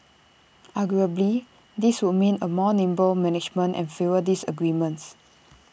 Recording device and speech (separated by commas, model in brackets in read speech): boundary microphone (BM630), read sentence